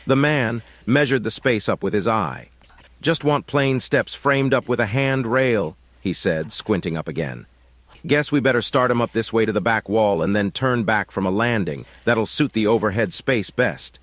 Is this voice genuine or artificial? artificial